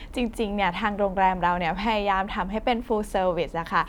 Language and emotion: Thai, happy